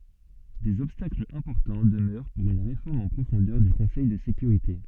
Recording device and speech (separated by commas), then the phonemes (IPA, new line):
soft in-ear microphone, read sentence
dez ɔbstaklz ɛ̃pɔʁtɑ̃ dəmœʁ puʁ yn ʁefɔʁm ɑ̃ pʁofɔ̃dœʁ dy kɔ̃sɛj də sekyʁite